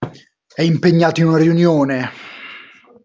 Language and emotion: Italian, angry